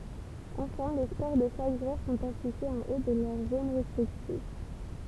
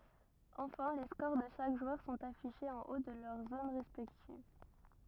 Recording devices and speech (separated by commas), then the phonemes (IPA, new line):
temple vibration pickup, rigid in-ear microphone, read sentence
ɑ̃fɛ̃ le skoʁ də ʃak ʒwœʁ sɔ̃t afiʃez ɑ̃ o də lœʁ zon ʁɛspɛktiv